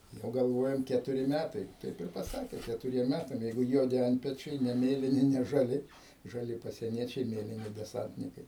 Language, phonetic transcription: Lithuanian, ˈjau galˈvojam ˈketuri ˈmætai ˈtaip ir paˈsakė ketuˈriem ˈmætam ˈjeigu ˈjuodi ˈantpečiai ne ˈmėlini ne žaˈli žaˈli pasieˈniečiai ˈmėlini deˈsantnikai

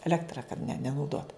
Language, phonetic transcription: Lithuanian, eˈlektra kad ne nenauˈdot

